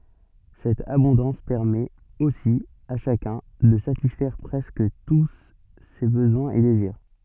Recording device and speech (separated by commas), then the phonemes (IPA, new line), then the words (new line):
soft in-ear microphone, read sentence
sɛt abɔ̃dɑ̃s pɛʁmɛt osi a ʃakœ̃ də satisfɛʁ pʁɛskə tu se bəzwɛ̃z e deziʁ
Cette abondance permet, aussi, à chacun, de satisfaire presque tous ses besoins et désirs.